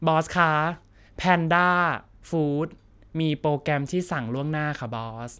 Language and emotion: Thai, neutral